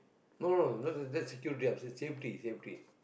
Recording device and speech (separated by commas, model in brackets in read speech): boundary microphone, conversation in the same room